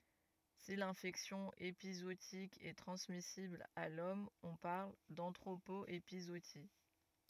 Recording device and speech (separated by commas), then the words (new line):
rigid in-ear microphone, read sentence
Si l'infection épizootique est transmissible à l'homme on parle d'anthropo-épizootie.